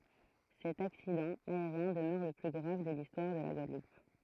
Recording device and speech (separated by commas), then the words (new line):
throat microphone, read sentence
Cet accident aérien demeure le plus grave de l'histoire de la Guadeloupe.